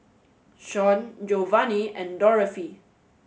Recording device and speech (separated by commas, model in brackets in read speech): mobile phone (Samsung S8), read sentence